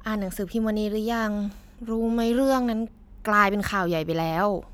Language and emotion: Thai, frustrated